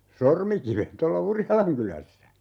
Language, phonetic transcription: Finnish, "Sormikiven 'tolla "Urjalaŋkylässä .
- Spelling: Sormikiven tuolla Urjalankylässä

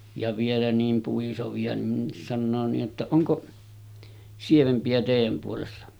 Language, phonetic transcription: Finnish, ja 'vielä niim puisovi₍a nin 'sannoo nii’ ’että , » 'oŋko 'sievempi₍ä tèijäm puolessa « .
- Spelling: ja vielä niin puisevia niin sanoo niin että onko sievempiä teidän puolessa

